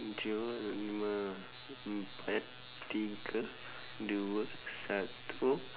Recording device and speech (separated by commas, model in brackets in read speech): telephone, conversation in separate rooms